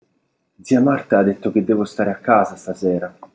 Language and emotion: Italian, sad